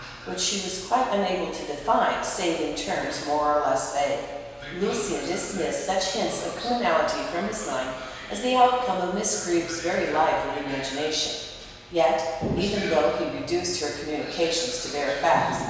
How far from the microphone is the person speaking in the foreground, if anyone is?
1.7 m.